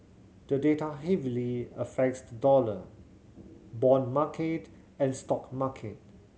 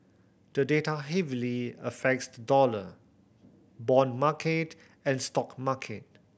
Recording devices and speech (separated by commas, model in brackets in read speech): mobile phone (Samsung C7100), boundary microphone (BM630), read sentence